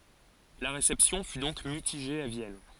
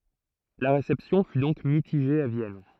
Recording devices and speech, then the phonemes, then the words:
forehead accelerometer, throat microphone, read sentence
la ʁesɛpsjɔ̃ fy dɔ̃k mitiʒe a vjɛn
La réception fut donc mitigée à Vienne.

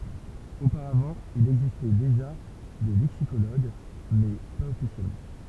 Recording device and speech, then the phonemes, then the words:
temple vibration pickup, read sentence
opaʁavɑ̃ il ɛɡzistɛ deʒa de lɛksikoloɡ mɛ paz ɔfisjɛlmɑ̃
Auparavant, il existait déjà des lexicologues, mais pas officiellement.

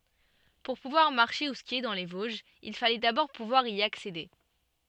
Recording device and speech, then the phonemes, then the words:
soft in-ear microphone, read sentence
puʁ puvwaʁ maʁʃe u skje dɑ̃ le voʒz il falɛ dabɔʁ puvwaʁ i aksede
Pour pouvoir marcher ou skier dans les Vosges, il fallait d’abord pouvoir y accéder.

